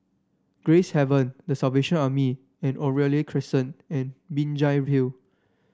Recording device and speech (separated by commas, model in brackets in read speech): standing microphone (AKG C214), read sentence